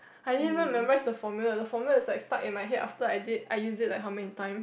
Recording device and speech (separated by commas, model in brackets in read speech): boundary microphone, conversation in the same room